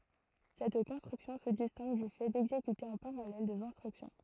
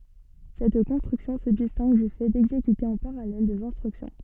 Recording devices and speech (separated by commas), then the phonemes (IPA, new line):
throat microphone, soft in-ear microphone, read sentence
sɛt kɔ̃stʁyksjɔ̃ sə distɛ̃ɡ dy fɛ dɛɡzekyte ɑ̃ paʁalɛl dez ɛ̃stʁyksjɔ̃